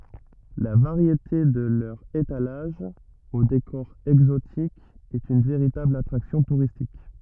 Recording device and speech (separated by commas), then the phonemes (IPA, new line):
rigid in-ear microphone, read sentence
la vaʁjete də lœʁz etalaʒz o dekɔʁ ɛɡzotik ɛt yn veʁitabl atʁaksjɔ̃ tuʁistik